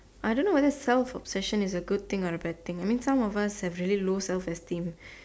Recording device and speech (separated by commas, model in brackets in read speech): standing microphone, conversation in separate rooms